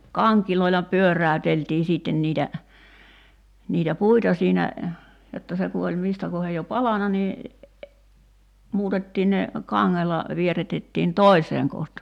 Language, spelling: Finnish, kangilla pyöräyteltiin sitten niitä niitä puita siinä jotta se kun oli mistä kohden jo palanut niin muutettiin ne kangella vierrätettiin toiseen kohtaan
- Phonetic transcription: "kaŋkiloila 'pyör̀äöteltii 'sìtten niitä , niitä 'puita siinä , jotta 'se ku oĺ 'mistä kohej jo "palana nii , 'muutettii ne 'kaŋŋela , 'vierätettiin "toi̬seeŋ kohta[an] .

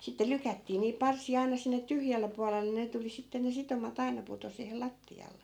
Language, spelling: Finnish, sitten lykättiin niin parsia aina sinne tyhjälle puolelle ne tuli sitten ne sitomat aina putosi siihen lattialle
- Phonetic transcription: sitte 'lykättii niip 'parsi₍a 'aina sinne 'tyhjälle pualelle 'ne tuli sitte ne 'sitoma't ‿aina puto siihel "latti₍alle .

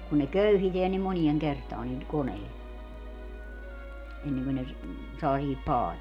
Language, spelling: Finnish, kun ne köyhitään niin moneen kertaan niillä koneilla ennen kuin ne - saa siihen paaliin
- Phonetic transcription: kun ne "köyhiteän ni 'monieŋ 'kertaan niil , 'koneil , 'enneŋkö ne ‿s- , 'saa sihip 'paalii .

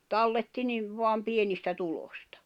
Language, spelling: Finnish, talletti niin vain pienistä tulosta
- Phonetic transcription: 'talletti 'niv 'voam 'pienistä 'tulostᴀ .

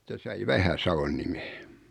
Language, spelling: Finnish, se sai Vähä-Savon nimen
- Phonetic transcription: 'se sai 'Vähäsavon nime .

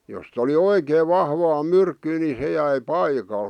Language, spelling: Finnish, jos oli oikein vahvaa myrkkyä niin se jäi paikalle
- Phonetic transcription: jost ‿oli "oikeev "vahvaa "myrkkyy ni 'se jäi "paikal .

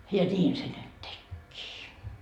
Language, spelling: Finnish, ja niin se nyt tekikin
- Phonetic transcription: ja "ńiin se nyt "tekkii .

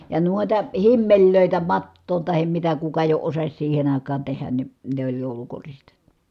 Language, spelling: Finnish, ja noita himmeleitä mattoon tai mitä kuka jo osasi siihen aikaan tehdä niin ne oli joulukoristeita
- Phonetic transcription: ja nuota , himmeĺlö̀itä , mattoon tahem mitä kuka jo osas siihen ‿ài̮k̀aan tehän ni , ne oĺ jòulukoriste(ita) .

